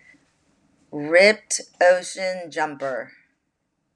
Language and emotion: English, disgusted